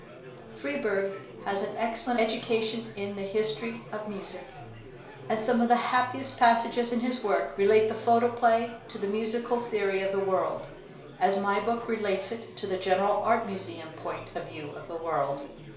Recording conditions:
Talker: one person; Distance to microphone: 1.0 m; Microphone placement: close; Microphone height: 1.1 m; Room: small (3.7 m by 2.7 m); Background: babble

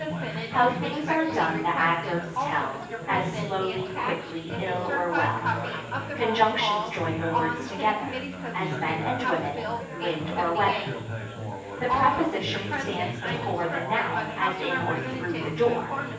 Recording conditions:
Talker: one person; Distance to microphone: 9.8 m; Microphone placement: far; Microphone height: 1.8 m; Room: large; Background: babble

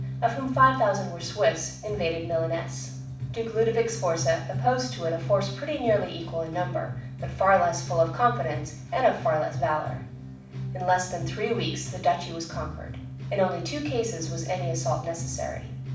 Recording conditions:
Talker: one person; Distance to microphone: 5.8 m; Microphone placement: far; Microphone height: 1.8 m; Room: medium-sized (5.7 m by 4.0 m); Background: music

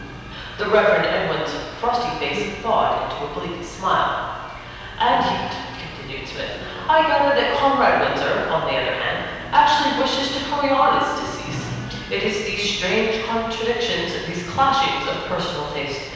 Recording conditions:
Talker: one person; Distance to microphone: 7.1 m; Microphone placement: far; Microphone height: 1.7 m; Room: very reverberant, large; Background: music

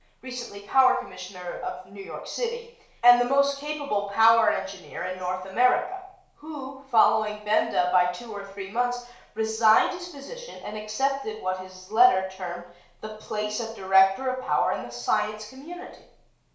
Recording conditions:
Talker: one person; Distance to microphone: 1.0 m; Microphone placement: close; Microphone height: 1.1 m; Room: small (3.7 m by 2.7 m); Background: none

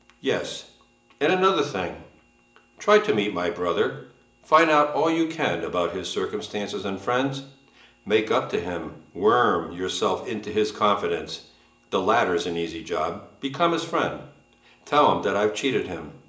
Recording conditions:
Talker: one person; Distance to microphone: 1.8 m; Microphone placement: close; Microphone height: 1.0 m; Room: large; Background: none

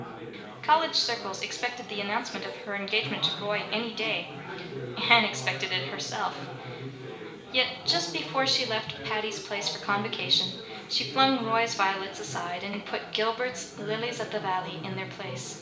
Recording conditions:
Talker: one person; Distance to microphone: 1.8 m; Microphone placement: close; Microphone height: 1.0 m; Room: large; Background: babble

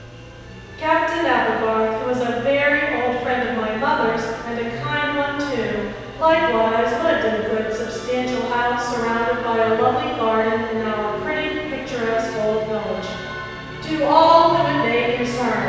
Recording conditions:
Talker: one person; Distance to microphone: 7.1 m; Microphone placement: far; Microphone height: 1.7 m; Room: very reverberant, large; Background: music

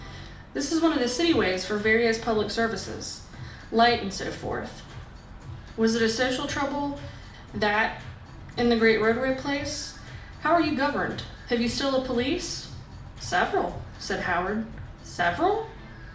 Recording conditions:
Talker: one person; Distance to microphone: 2.0 m; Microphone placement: close; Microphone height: 99 cm; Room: medium-sized (5.7 m by 4.0 m); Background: music

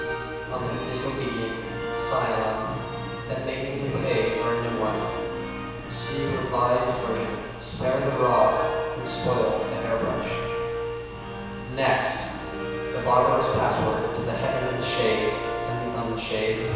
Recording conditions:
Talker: one person; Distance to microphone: 7.1 m; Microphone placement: far; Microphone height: 1.7 m; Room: very reverberant, large; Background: music

